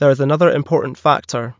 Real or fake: real